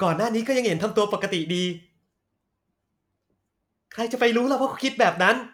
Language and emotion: Thai, frustrated